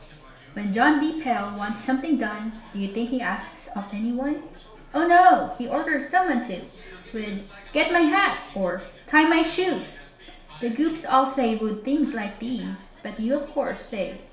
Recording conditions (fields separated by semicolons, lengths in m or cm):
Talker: one person; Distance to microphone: 1.0 m; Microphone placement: close; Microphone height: 1.1 m; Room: small (3.7 m by 2.7 m); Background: television